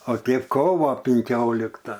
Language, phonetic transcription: Lithuanian, o ˈtėp ˈkovo pinˈkiolikta

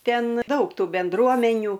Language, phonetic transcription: Lithuanian, ˈten ˈdaug ˈtų benˈdruomenių

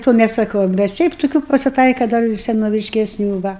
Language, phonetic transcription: Lithuanian, to nesaˈkau bet ˈšiaip toˈkių pasiˈtaika ˈdar ir senoviškeˈsnių ˈva

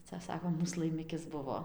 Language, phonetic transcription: Lithuanian, ˈca ˈsakom ˈmūs laiˈmikis ˈbuvo

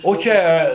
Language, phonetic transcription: Lithuanian, o ˈčia

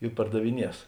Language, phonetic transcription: Lithuanian, i pardaviˈnies

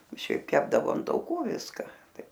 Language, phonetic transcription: Lithuanian, ˈšiaip ˈkepdavo an tauˈkų ˈviska ˈtai

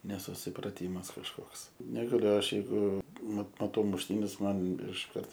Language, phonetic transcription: Lithuanian, nesusipraˈtymas kažˈkoks negaˈliu ˈaš jeiˈgu mat maˈtau mušˈtynes ˈman išˈkart

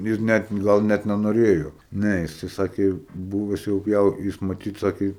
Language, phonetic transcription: Lithuanian, jis ˈnæt ˈgal net nenoˈrėjo ˈne jiˈsai ˈsakė ˈbūves jau ˈjau jis maˈtyt ˈsakė

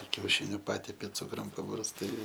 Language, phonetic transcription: Lithuanian, kiauˈšiniu ˈpatepi ˈcukrum pabarsˈtai

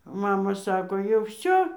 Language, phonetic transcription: Lithuanian, ˈmama ˈsako jau ˈvsio

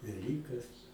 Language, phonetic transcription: Lithuanian, veˈlykas

